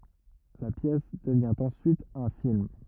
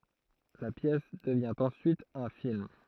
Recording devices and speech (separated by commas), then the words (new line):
rigid in-ear microphone, throat microphone, read sentence
La pièce devient en suite un film.